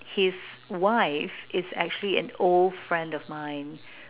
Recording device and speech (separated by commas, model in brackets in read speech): telephone, conversation in separate rooms